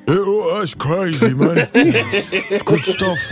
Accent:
In a deep British accent